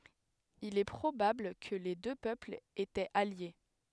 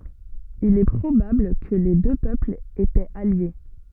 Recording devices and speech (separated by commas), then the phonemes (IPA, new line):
headset microphone, soft in-ear microphone, read sentence
il ɛ pʁobabl kə le dø pøplz etɛt alje